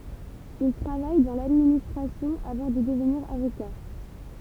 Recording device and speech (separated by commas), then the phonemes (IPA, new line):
temple vibration pickup, read sentence
il tʁavaj dɑ̃ ladministʁasjɔ̃ avɑ̃ də dəvniʁ avoka